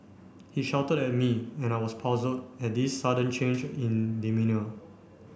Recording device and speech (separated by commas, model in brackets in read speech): boundary microphone (BM630), read sentence